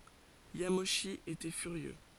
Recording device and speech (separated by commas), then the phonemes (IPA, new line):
forehead accelerometer, read sentence
jamoʃi etɛ fyʁjø